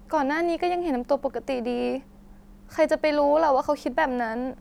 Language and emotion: Thai, sad